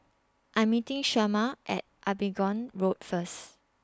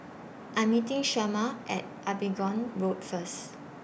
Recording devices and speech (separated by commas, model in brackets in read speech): standing microphone (AKG C214), boundary microphone (BM630), read sentence